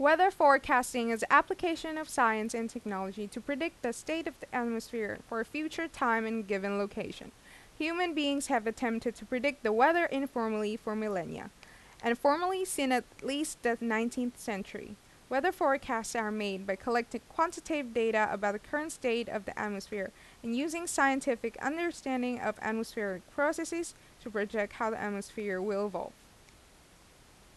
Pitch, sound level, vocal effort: 240 Hz, 86 dB SPL, loud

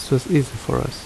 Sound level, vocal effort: 71 dB SPL, soft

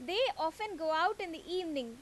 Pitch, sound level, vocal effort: 340 Hz, 92 dB SPL, very loud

